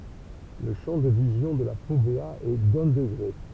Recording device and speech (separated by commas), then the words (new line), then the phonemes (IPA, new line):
temple vibration pickup, read sentence
Le champ de vision de la fovéa est d'un degré.
lə ʃɑ̃ də vizjɔ̃ də la fovea ɛ dœ̃ dəɡʁe